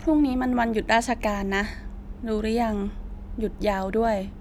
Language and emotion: Thai, frustrated